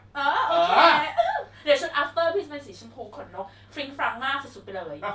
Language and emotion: Thai, happy